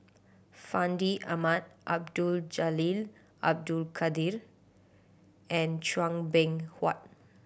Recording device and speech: boundary microphone (BM630), read sentence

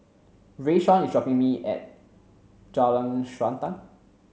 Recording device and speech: mobile phone (Samsung C7), read sentence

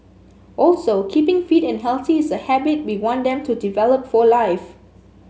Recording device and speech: mobile phone (Samsung S8), read sentence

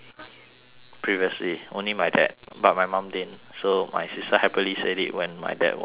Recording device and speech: telephone, conversation in separate rooms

